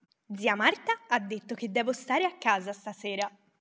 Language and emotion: Italian, happy